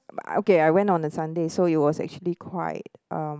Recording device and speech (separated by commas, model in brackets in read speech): close-talking microphone, conversation in the same room